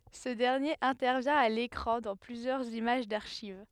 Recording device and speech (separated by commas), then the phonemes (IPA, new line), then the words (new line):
headset microphone, read sentence
sə dɛʁnjeʁ ɛ̃tɛʁvjɛ̃ a lekʁɑ̃ dɑ̃ plyzjœʁz imaʒ daʁʃiv
Ce dernier intervient à l'écran dans plusieurs images d'archives.